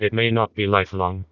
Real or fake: fake